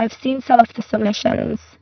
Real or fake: fake